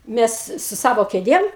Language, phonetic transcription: Lithuanian, ˈmes su ˈsavo kėˈdėm

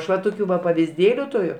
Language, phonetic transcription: Lithuanian, ˈaš va ˈtokiu va pavizˈdėliu tuˈriu

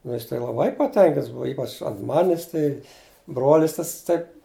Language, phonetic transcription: Lithuanian, nu ˈjis tai laˈbai paˈtenkints ˈbuva ˈypač ant ˈmanis tai ˈbrolis ˈtas ˈtai

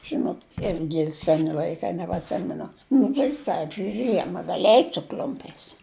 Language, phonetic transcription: Lithuanian, ˈžinot ˈirgi ˈseni l'aiˈkai nebatˈsimenu ˈnu tai ˈpradžiuj ˈžiema ˈgali ˈeit' su ˈkl'umpiais

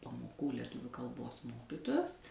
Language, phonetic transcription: Lithuanian, paˈmokų leˈtuviu kalˈbos ˈmokitojos

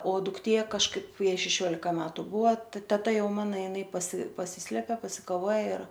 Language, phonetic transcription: Lithuanian, o dukˈtė kažˈkaip ˈjai šeˈšiolika ˈmetu ˈbuva ˈteta ˈjau ˈmana jiˈnai pasi paˈsyslepia pasikaˈvoja ir

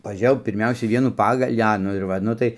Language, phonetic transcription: Lithuanian, paˈžėjau pirˈmiausiai ˈvienų ˈpagalį ˈa ˈnu ir ˈva ˈnu tai

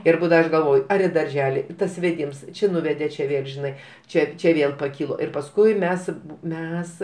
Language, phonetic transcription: Lithuanian, ir ˈbūdava ˈaš galˈvoj ˈar i darˈželi tas veˈdims ˈči ˈnuvedė čia ˈvėl žiˈnai ˈčia ˈčia ˈvėl paˈkylo ir pasˈkui ˈmes ˈmes

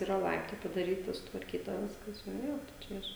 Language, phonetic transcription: Lithuanian, yˈra ˈlaiptai padaˈryta sutvarˈkyta ˈviskas ˈjo ˈjo tai ˈčia iš

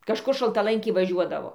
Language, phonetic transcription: Lithuanian, kažˈkur šaltaˈlanki vaˈžiuodavo

